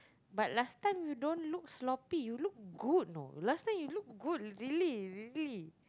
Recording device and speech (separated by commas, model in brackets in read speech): close-talking microphone, conversation in the same room